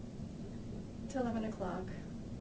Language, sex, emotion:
English
female
neutral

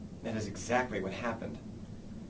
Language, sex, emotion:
English
male
neutral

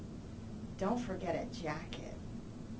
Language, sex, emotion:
English
female
disgusted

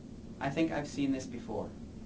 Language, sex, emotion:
English
male
neutral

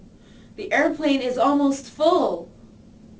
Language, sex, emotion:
English
female
neutral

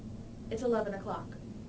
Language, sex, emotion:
English
female
neutral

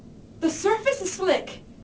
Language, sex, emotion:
English
female
fearful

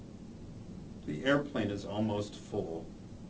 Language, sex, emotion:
English
male
neutral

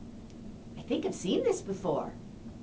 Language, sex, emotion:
English
female
neutral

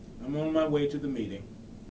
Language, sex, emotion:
English
male
neutral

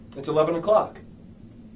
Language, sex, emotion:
English
male
neutral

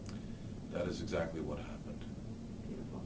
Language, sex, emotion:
English
male
neutral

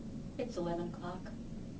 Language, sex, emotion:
English
female
neutral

